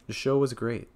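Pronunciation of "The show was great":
The voice falls on 'great' at the end of the sentence.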